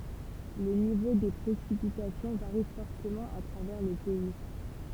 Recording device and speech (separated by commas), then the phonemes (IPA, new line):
temple vibration pickup, read sentence
lə nivo de pʁesipitasjɔ̃ vaʁi fɔʁtəmɑ̃ a tʁavɛʁ lə pɛi